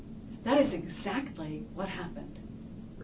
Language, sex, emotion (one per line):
English
female
neutral